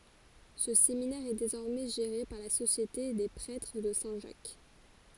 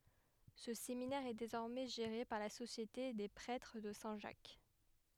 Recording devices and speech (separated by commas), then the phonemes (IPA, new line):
forehead accelerometer, headset microphone, read sentence
sə seminɛʁ ɛ dezɔʁmɛ ʒeʁe paʁ la sosjete de pʁɛtʁ də sɛ̃ ʒak